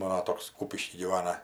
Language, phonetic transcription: Lithuanian, ˈmano ˈtoks ˈkūpišky gyˈvana

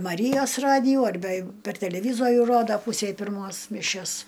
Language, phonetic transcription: Lithuanian, maˈryjos ˈradijų arˈbe jeiˈgu per teleˈvyzorių ˈroda ˈpūsei pirˈmos miˈšias

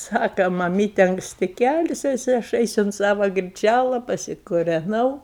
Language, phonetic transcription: Lithuanian, ˈsaka maˈmyte ankˈsti ˈkeltis jiˈsai aš ˈeisu unt ˈsava griˈčæla pasikureˈnau

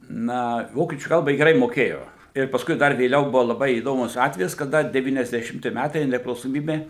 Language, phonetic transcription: Lithuanian, ˈna ˈvokiečių ˈkalba ˈji geˈrai moˈkėjo ir paˈskui ˈdar vėˈliau ˈbuvo laˈbai įˈdomus ˈatvejis kaˈda devyniasdešimˈti ˈmætai nepriklausoˈmybė

